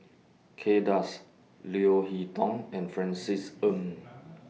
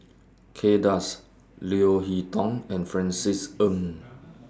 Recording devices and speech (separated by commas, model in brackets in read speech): mobile phone (iPhone 6), standing microphone (AKG C214), read sentence